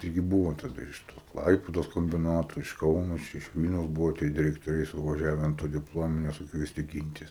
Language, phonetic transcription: Lithuanian, ˈtaigi ˈbūvo taˈda ir iš tos ˈklaipėdos kombiˈnato iš ˈkauno ˈčia iš ˈvylniaus ˈbuvo tie direktoˈriai suvaˈžiave an to dipˈlominio sukviesˈti ˈgyntis

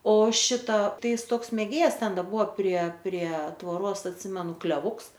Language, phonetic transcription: Lithuanian, o ˈšita ˈtai ˈis ˈtoks mėˈgėjas ˈten ˈda ˈbuvo prie prie tvoˈros atˈsimenu kleˈvuks

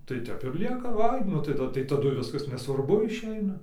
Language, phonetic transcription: Lithuanian, tai ˈtep ir ˈlieka ˈvai ˈnu tai tai taˈdu ˈviskas nesvarˈbu išˈeina

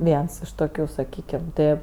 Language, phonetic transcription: Lithuanian, ˈviens iš ˈtokiu saˈkykem ˈtɜ

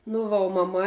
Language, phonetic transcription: Lithuanian, nu ˈva o maˈma

